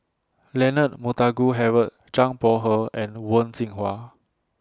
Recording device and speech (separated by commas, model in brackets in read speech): standing microphone (AKG C214), read sentence